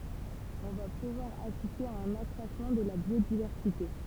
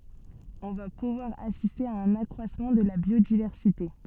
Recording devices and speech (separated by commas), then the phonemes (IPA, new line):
temple vibration pickup, soft in-ear microphone, read sentence
ɔ̃ va puvwaʁ asiste a œ̃n akʁwasmɑ̃ də la bjodivɛʁsite